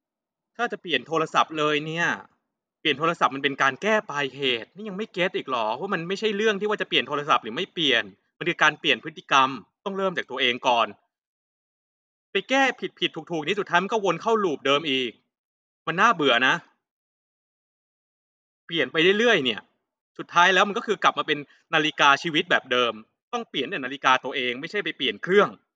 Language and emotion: Thai, frustrated